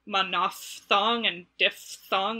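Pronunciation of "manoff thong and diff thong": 'Monophthong' and 'diphthong' are both said with an f sound in the middle, not a p sound.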